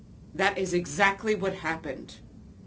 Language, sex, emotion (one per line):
English
female
neutral